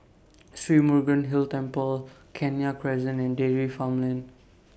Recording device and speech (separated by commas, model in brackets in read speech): boundary microphone (BM630), read sentence